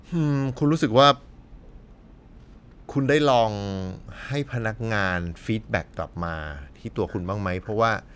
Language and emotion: Thai, neutral